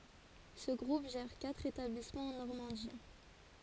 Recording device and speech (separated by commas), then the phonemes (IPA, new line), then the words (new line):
forehead accelerometer, read sentence
sə ɡʁup ʒɛʁ katʁ etablismɑ̃z ɑ̃ nɔʁmɑ̃di
Ce groupe gère quatre établissements en Normandie.